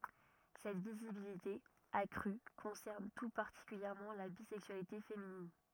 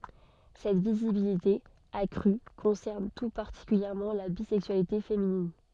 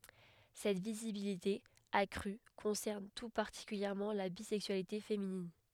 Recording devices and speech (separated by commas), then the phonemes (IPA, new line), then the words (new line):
rigid in-ear microphone, soft in-ear microphone, headset microphone, read sentence
sɛt vizibilite akʁy kɔ̃sɛʁn tu paʁtikyljɛʁmɑ̃ la bizɛksyalite feminin
Cette visibilité accrue concerne tout particulièrement la bisexualité féminine.